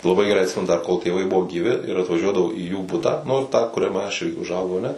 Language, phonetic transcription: Lithuanian, laˈbai geˈrai atˈsimenu dar kol tėˈvai ˈbuvo gyˈvi ir atvaˈžiuodavau į jų ˈbutą nu tą kuriaˈme aš i užˈaugau aˈne

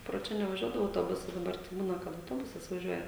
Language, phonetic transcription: Lithuanian, pro ˈčia nevaˈžiuodavo autoˈbusas daˈbar tai ˈbūna kad auˈtobusas vaˈžiuoja

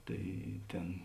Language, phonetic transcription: Lithuanian, ˈtai ˈtėn

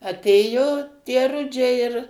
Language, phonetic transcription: Lithuanian, aˈtėjo tie ˈrudžiai ir

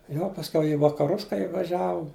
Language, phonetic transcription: Lithuanian, jau pasˈkiau i vakaˈrus kai ivaˈžiavum

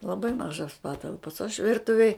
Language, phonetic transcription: Lithuanian, laˈbai ˈmažos ˈpatalpos aš ˈvirtuvėj

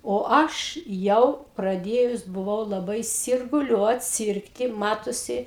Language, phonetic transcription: Lithuanian, o ˈaš ˈjau praˈdėjus buˈvau laˈbai sirguˈliuot ˈsyrgti ˈmatosi

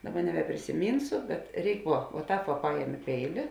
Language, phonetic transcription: Lithuanian, ˈdaˌba nebeprisiˈmynsu bet ˈreik ˈvuo vuo ˈtāp va ˈpajemi ˈpeili

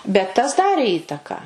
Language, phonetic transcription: Lithuanian, bet tas ˈdarė ˈįtaka

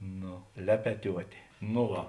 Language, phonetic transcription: Lithuanian, ˈno ˈlepetiuotė no ˈva

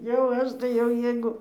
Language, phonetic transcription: Lithuanian, jau ˈaš tai jau ˈjeigu

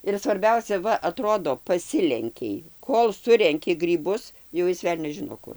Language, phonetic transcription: Lithuanian, ir svarˈbiausia ˈva aˈtrodo paˈsilenkei ˈkol ˈsurenki gryˈbus jau ˈjis ˈvelnias ˈžino ˈkur

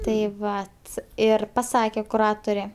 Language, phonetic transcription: Lithuanian, tai ˈvat ˈir paˈsake kuˈrature

